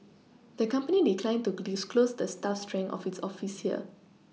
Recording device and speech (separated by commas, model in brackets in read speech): mobile phone (iPhone 6), read sentence